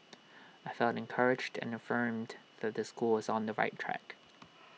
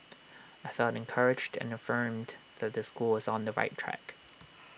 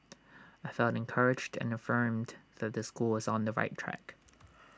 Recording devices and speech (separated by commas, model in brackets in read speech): mobile phone (iPhone 6), boundary microphone (BM630), standing microphone (AKG C214), read sentence